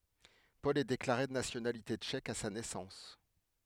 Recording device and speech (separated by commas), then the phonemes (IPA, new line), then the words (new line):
headset microphone, read sentence
pɔl ɛ deklaʁe də nasjonalite tʃɛk a sa nɛsɑ̃s
Paul est déclaré de nationalité tchèque à sa naissance.